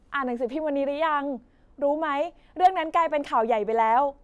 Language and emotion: Thai, neutral